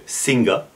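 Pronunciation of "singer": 'Singer' is pronounced incorrectly here, with the g sounded quite strong.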